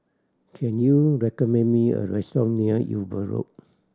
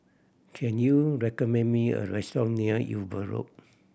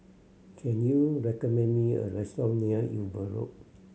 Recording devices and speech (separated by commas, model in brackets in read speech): standing microphone (AKG C214), boundary microphone (BM630), mobile phone (Samsung C7100), read sentence